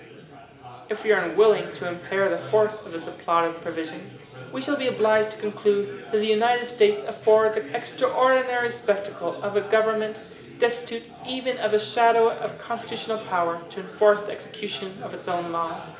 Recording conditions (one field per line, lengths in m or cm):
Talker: one person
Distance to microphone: 1.8 m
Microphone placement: close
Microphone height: 1.0 m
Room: large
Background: babble